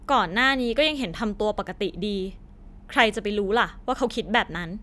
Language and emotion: Thai, frustrated